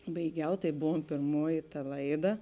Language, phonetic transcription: Lithuanian, baiˈgiau ˈtai ˈbuvom pėrˈmuoji ta ˈlaiˌda

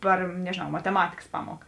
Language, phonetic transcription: Lithuanian, ˈpar nežėˈnau mateˈmatikas ˈpamuoka

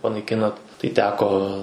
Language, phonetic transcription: Lithuanian, panaiˈkinat tai ˈteko

